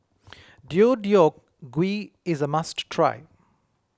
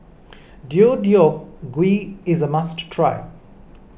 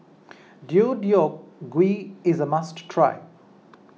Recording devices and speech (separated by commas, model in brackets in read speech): close-talking microphone (WH20), boundary microphone (BM630), mobile phone (iPhone 6), read sentence